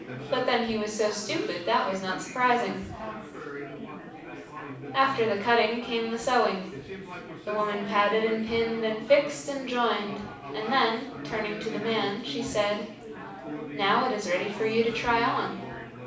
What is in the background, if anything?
Crowd babble.